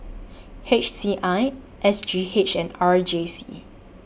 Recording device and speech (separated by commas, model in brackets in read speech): boundary microphone (BM630), read sentence